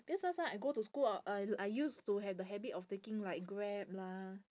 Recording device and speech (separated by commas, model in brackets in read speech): standing microphone, conversation in separate rooms